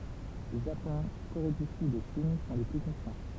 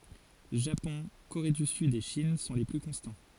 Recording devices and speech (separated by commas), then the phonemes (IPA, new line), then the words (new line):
temple vibration pickup, forehead accelerometer, read sentence
ʒapɔ̃ koʁe dy syd e ʃin sɔ̃ le ply kɔ̃stɑ̃
Japon, Corée du Sud et Chine sont les plus constants.